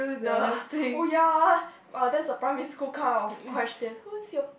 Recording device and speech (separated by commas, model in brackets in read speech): boundary microphone, conversation in the same room